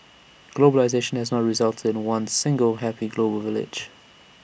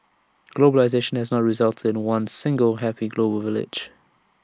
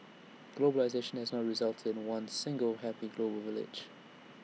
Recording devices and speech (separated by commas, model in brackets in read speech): boundary microphone (BM630), standing microphone (AKG C214), mobile phone (iPhone 6), read sentence